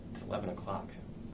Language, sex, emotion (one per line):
English
male
neutral